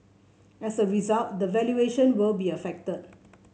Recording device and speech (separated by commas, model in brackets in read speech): mobile phone (Samsung C7), read sentence